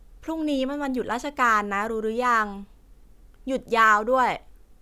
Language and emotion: Thai, frustrated